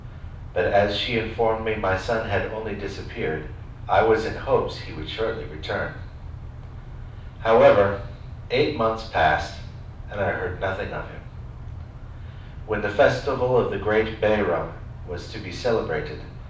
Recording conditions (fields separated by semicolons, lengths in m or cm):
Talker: one person; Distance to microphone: 5.8 m; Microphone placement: far; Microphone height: 1.8 m; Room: medium-sized (5.7 m by 4.0 m); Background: none